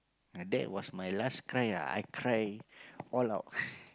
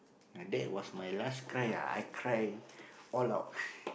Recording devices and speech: close-talking microphone, boundary microphone, conversation in the same room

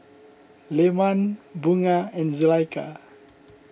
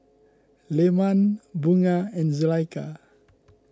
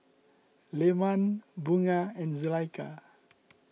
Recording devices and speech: boundary microphone (BM630), close-talking microphone (WH20), mobile phone (iPhone 6), read sentence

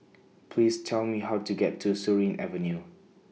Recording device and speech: mobile phone (iPhone 6), read sentence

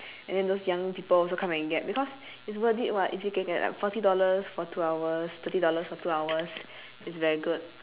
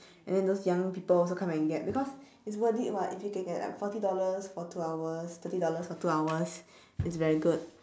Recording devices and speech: telephone, standing microphone, conversation in separate rooms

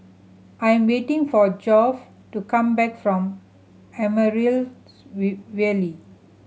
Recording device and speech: mobile phone (Samsung C7100), read sentence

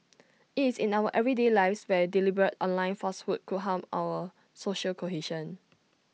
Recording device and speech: mobile phone (iPhone 6), read sentence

